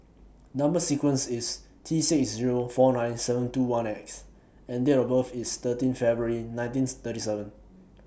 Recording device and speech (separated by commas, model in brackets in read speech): boundary microphone (BM630), read sentence